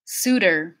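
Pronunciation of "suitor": In 'suitor', the middle consonant is a flap T, not a voiced TH.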